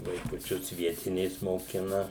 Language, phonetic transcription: Lithuanian, vaikuˈčius ˈvietinės moˈkina

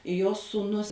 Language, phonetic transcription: Lithuanian, jo sūˈnus

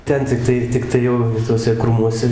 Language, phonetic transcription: Lithuanian, ˈten tikˈtai tikˈtai jau i tuoˈse ˈkrūmuose

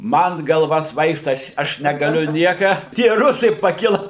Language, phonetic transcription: Lithuanian, ˈman galˈva ˈsvaigsta ˈaš ˈaš negaˈliu ˈnieka tie ˈrusai paˈkila

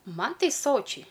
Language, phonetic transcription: Lithuanian, ˈman ˈtai ˈsočiai

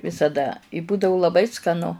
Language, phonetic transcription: Lithuanian, visaˈda i ˈbūdau laˈbai skaˈnu

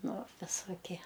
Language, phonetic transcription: Lithuanian, ˈnu visoˈkie

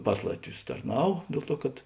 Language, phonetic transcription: Lithuanian, ˈpas latˌvius tarˈnav ˈdėl ˌtuo kad

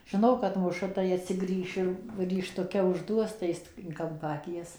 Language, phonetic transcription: Lithuanian, žiˈno kad ˈmuša tai atsiˈgrįš ir rykštuˈke užˈduos tai ˈjis tik in ˈkampa aˈkies

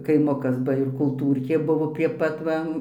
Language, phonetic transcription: Lithuanian, kaiˈmukas ˈba ir kulˈtūrkė ˈbuvo prie ˈpat ˈva

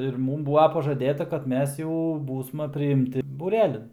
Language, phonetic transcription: Lithuanian, ir ˈmūm ˈbūva pažaˈdėta kad ˈmes jau ˈbūsma priimˈti būˈrelin

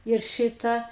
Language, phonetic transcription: Lithuanian, ir ˈšita

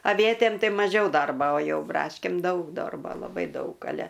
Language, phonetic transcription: Lithuanian, aˈvietėm ˈtai maˈžiau ˈdarbo o ˈjau ˈbraškėm ˈdaug ˈdorbo laˈbai ˈdaug aˈle

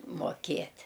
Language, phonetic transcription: Lithuanian, moˈkėt'

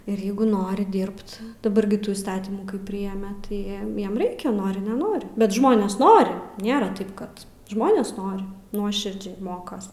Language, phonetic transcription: Lithuanian, ir ˈjeigu ˈnori ˈdirbt daˈbar gi ˈtų įsˈtatymų kai ˈprijeme tai ˈjiem ˈjiem ˈreikia ˈnori neˈnori bet ˈžmonės ˈnori ˈnėra ˈtaip kad ˈžmonės ˈnori ˈnuoširdžiai ˈmokas

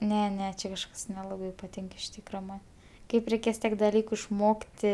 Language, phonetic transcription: Lithuanian, ˈne ˈne ˈčia kažˈkas neˈlabai paˈtink iš ˈtykra ˈman ˈkaip reiˈkės ˈtiek daˈlyku išˈmokti

